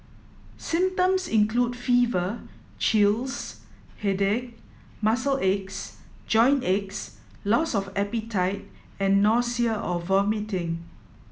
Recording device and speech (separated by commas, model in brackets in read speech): mobile phone (iPhone 7), read sentence